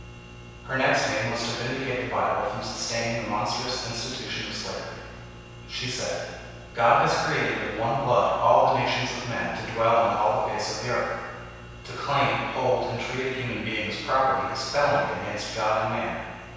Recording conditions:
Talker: one person; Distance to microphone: 7.1 m; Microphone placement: far; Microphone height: 1.7 m; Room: very reverberant, large; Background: none

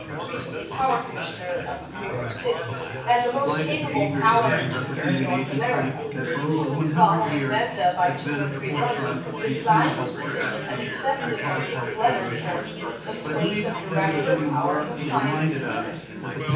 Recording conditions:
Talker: one person; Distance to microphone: 9.8 m; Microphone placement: far; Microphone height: 1.8 m; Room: large; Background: babble

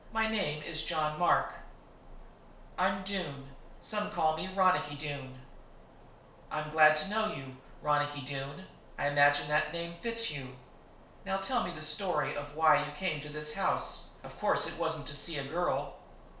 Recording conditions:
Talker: one person; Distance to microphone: 1.0 m; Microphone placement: close; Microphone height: 1.1 m; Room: small (3.7 m by 2.7 m); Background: none

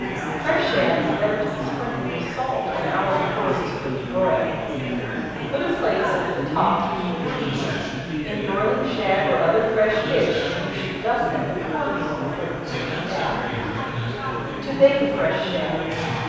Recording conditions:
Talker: one person; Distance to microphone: 7.1 m; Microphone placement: far; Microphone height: 1.7 m; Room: very reverberant, large; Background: babble

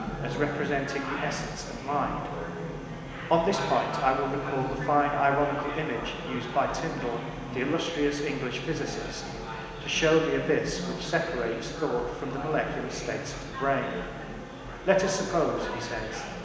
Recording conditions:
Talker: one person; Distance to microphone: 1.7 m; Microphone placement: close; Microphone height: 1.0 m; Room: very reverberant, large; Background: babble

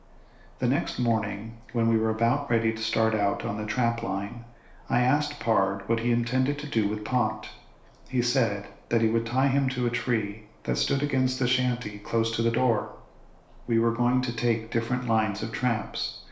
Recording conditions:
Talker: one person; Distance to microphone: 1.0 m; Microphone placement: close; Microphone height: 1.1 m; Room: small (3.7 m by 2.7 m); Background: none

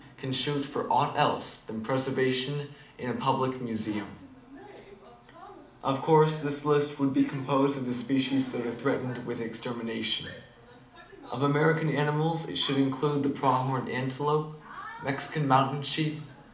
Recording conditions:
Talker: one person; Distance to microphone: 2.0 m; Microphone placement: close; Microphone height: 99 cm; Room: medium-sized (5.7 m by 4.0 m); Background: television

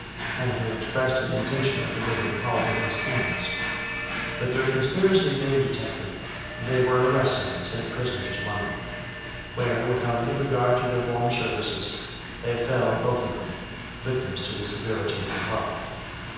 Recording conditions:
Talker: one person; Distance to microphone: 7.1 m; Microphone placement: far; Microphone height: 1.7 m; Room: very reverberant, large; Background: television

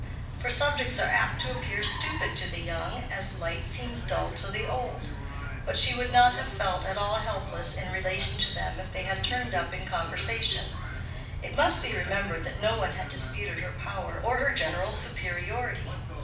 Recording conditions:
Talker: one person; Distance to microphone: 5.8 m; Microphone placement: far; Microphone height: 1.8 m; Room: medium-sized (5.7 m by 4.0 m); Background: television

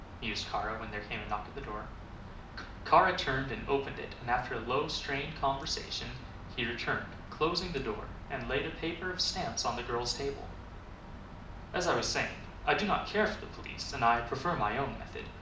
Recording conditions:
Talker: one person; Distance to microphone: 2.0 m; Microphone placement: close; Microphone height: 99 cm; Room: medium-sized (5.7 m by 4.0 m); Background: none

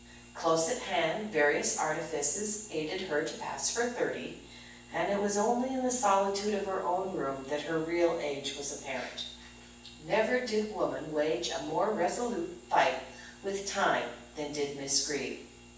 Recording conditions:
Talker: one person; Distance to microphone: 9.8 m; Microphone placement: far; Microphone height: 1.8 m; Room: large; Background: none

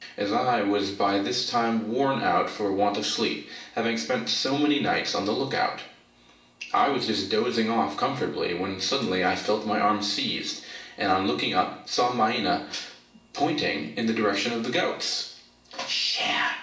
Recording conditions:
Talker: one person; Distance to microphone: 1.8 m; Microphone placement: close; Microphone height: 1.0 m; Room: large; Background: none

